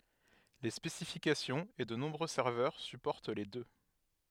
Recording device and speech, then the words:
headset microphone, read sentence
Les spécifications et de nombreux serveurs supportent les deux.

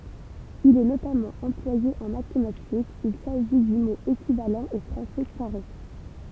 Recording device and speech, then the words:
temple vibration pickup, read sentence
Il est notamment employé en mathématiques, il s'agit du mot équivalent au français carré.

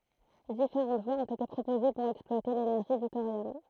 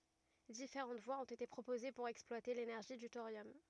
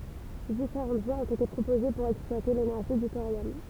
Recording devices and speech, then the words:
throat microphone, rigid in-ear microphone, temple vibration pickup, read sentence
Différentes voies ont été proposées pour exploiter l'énergie du thorium.

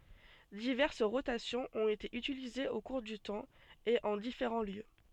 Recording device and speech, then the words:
soft in-ear microphone, read sentence
Diverses rotations ont été utilisées au cours du temps et en différents lieux.

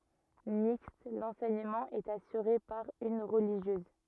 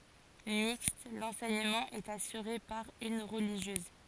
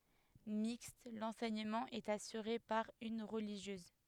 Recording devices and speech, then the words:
rigid in-ear microphone, forehead accelerometer, headset microphone, read sentence
Mixte, l'enseignement est assuré par une religieuse.

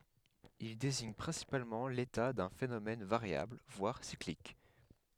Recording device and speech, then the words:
headset microphone, read sentence
Il désigne principalement l'état d'un phénomène, variable, voire cyclique.

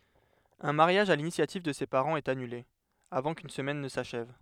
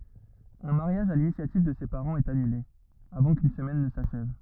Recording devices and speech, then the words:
headset microphone, rigid in-ear microphone, read sentence
Un mariage à l’initiative de ses parents est annulé, avant qu’une semaine ne s’achève.

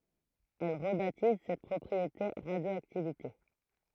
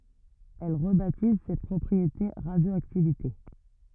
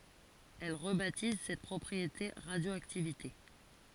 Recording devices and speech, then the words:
throat microphone, rigid in-ear microphone, forehead accelerometer, read sentence
Elle rebaptise cette propriété radioactivité.

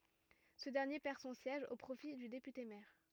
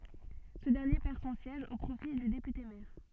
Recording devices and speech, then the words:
rigid in-ear microphone, soft in-ear microphone, read sentence
Ce dernier perd son siège au profit du député maire.

